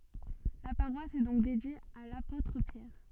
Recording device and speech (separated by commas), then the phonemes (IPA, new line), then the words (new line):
soft in-ear microphone, read sentence
la paʁwas ɛ dɔ̃k dedje a lapotʁ pjɛʁ
La paroisse est donc dédiée à l'apôtre Pierre.